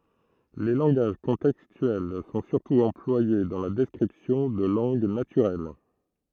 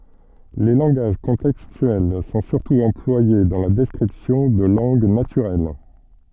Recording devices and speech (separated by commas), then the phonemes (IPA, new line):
throat microphone, soft in-ear microphone, read sentence
le lɑ̃ɡaʒ kɔ̃tɛkstyɛl sɔ̃ syʁtu ɑ̃plwaje dɑ̃ la dɛskʁipsjɔ̃ də lɑ̃ɡ natyʁɛl